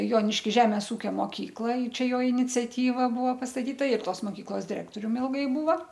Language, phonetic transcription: Lithuanian, joniškiˈžemės ˈūkio moˈkykla i ˈčia ˈjo iniciaˈtyva ˈbuvo pastaˈtyta ir ˈtos moˈkyklos diˈrektorium ˈilgai ˈbūva

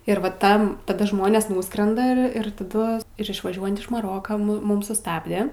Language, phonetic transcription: Lithuanian, ir va ˈtam taˈda ˈžmonės ˈnūskrenda ir ir taˈdu ir išvaˈžiuojant iš maˈroka mu ˈmum suˈstabde

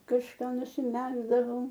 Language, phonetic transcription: Lithuanian, kažˈką nusiˈmegzdavau

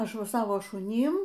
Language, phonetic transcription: Lithuanian, ˈaš ˈva ˈsava šuˈnym

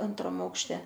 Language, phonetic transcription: Lithuanian, ˈantram aukšˈte

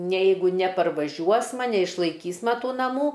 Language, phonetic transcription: Lithuanian, ne ˈjeigu neparvaˈžiuosma neišlaiˈkysma ˈtų naˈmų

